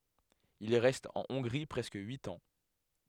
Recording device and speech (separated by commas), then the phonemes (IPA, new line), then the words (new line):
headset microphone, read sentence
il ʁɛst ɑ̃ ɔ̃ɡʁi pʁɛskə yit ɑ̃
Il reste en Hongrie presque huit ans.